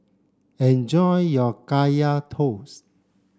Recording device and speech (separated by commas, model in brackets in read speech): standing microphone (AKG C214), read sentence